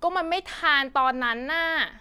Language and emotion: Thai, frustrated